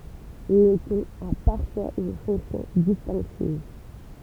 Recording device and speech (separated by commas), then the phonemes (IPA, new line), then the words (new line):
temple vibration pickup, read sentence
lə tɔ̃n a paʁfwaz yn fɔ̃ksjɔ̃ distɛ̃ktiv
Le ton a parfois une fonction distinctive.